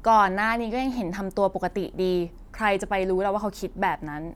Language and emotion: Thai, frustrated